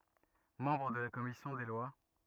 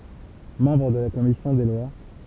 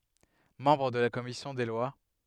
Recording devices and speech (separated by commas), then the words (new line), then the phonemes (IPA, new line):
rigid in-ear microphone, temple vibration pickup, headset microphone, read sentence
Membre de la commission des lois.
mɑ̃bʁ də la kɔmisjɔ̃ de lwa